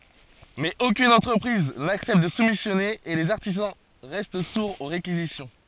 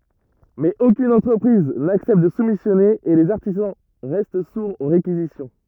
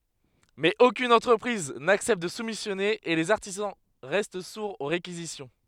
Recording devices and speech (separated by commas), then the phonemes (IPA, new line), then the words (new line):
forehead accelerometer, rigid in-ear microphone, headset microphone, read sentence
mɛz okyn ɑ̃tʁəpʁiz naksɛpt də sumisjɔne e lez aʁtizɑ̃ ʁɛst suʁz o ʁekizisjɔ̃
Mais aucune entreprise n’accepte de soumissionner et les artisans restent sourds aux réquisitions.